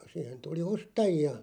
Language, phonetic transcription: Finnish, 'sìhen 'tuli "ostaji₍a .
- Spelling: siihen tuli ostajia

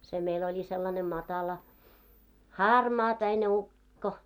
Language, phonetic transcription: Finnish, se meil oĺi sellane 'matala , "harmaapäine 'ukko .
- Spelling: se meillä oli sellainen matala harmaapäinen ukko

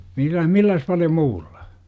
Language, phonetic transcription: Finnish, 'millä - "milläs paljo 'muulLA ?
- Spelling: - millä paljon muulla

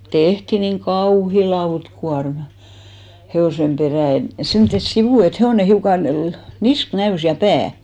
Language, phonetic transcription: Finnish, 'tehti niŋ "kauhi "lautkuarmᴀ , he₍òsem 'perä̀ et , 'semttes "sivù et 'he₍òne 'hiukan̬ lᵃ- , "nisk 'näys ja "pää .
- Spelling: tehtiin niin kauhea lautakuorma hevosen perään että semmoiset sivut että hevonen hiukan - niska näkyi ja pää

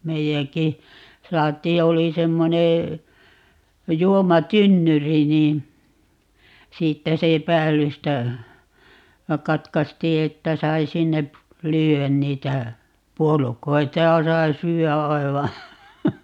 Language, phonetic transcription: Finnish, 'meijäŋki , 'saat̀iij ja 'oli 'semmonee , 'juoma"tynnyri niin , 'siittä se 'päällystä , 'katkastii 'että 'sai 'sinne , "lyy₍än 'niitä , "puolukoita ja 'sai 'syy₍ä 'ai̮va , .
- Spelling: meidänkin saatiin ja oli semmoinen juomatynnyri niin siitä se päällystä katkaistiin että sai sinne lyödä niitä puolukoita ja sai syödä aivan

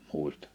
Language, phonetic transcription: Finnish, 'mùistᴀ .
- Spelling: muista

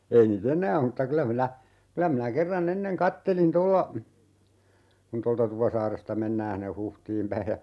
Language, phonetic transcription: Finnish, 'ei nii"t ‿enää (om) m̥tta 'kylä minä , 'kylä minä 'kerran"n ‿enneŋ "kattelin 'tolla , kun 'tolta 'Tupasaaresta "mennää hinne 'Huhtiim päi ja ,.
- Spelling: ei niitä enää ole mutta kyllä minä kyllä minä kerran ennen katselin tuolla kun tuolta Tupasaaresta mennään sinne Huhtiin päin ja

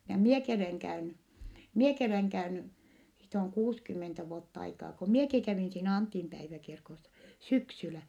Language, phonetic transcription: Finnish, ja mieki oleŋ käyny , mieki oleŋ käyny , siit ‿oŋ kuuskymmentä vuott ‿aikaa , ko mieki kävìn siinä Antimpäiväkirkossa , syksylä .
- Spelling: ja minäkin olen käynyt minäkin olen käynyt siitä on kuusikymmentä vuotta aikaa kun minäkin kävin siinä Antinpäiväkirkossa syksyllä

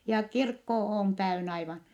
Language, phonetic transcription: Finnish, ja kirkko oon täyn ‿aivan .
- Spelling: ja kirkko on täynnä aivan

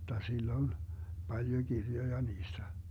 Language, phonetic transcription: Finnish, [j]otta 'sil'l ‿oĺ , 'Baljo "Girjoja 'niistä .
- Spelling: jotta sillä oli paljon kirjoja niistä

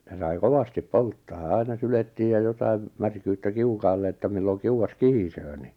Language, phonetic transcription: Finnish, ja sai "kovastip "polttaa "aina 'sylettiij ja jotaim , 'märkyyttä "kiukaalle että 'milloŋ "kiu₍as "kihisöö ni .
- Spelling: ja sai kovasti polttaa aina syljettiin ja jotakin märkyyttä kiukaalle että milloin kiuas kihisee niin

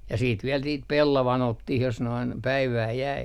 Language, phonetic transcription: Finnish, ja siit viɛl niit "pellavan 'ottih jos noin , päivää jäi .
- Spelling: ja sitten vielä niitä pellavan otto jos noin päivää jäi

